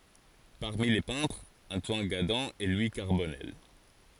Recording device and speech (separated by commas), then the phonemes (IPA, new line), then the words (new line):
forehead accelerometer, read sentence
paʁmi le pɛ̃tʁz ɑ̃twan ɡadɑ̃ e lwi kaʁbɔnɛl
Parmi les peintres, Antoine Gadan et Louis Carbonnel.